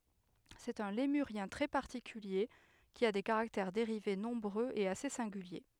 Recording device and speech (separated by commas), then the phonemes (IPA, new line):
headset microphone, read sentence
sɛt œ̃ lemyʁjɛ̃ tʁɛ paʁtikylje ki a de kaʁaktɛʁ deʁive nɔ̃bʁøz e ase sɛ̃ɡylje